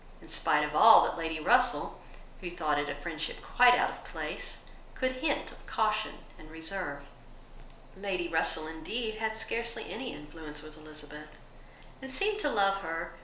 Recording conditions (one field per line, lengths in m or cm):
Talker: one person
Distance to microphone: 1.0 m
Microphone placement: close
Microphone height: 1.1 m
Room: small (3.7 m by 2.7 m)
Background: none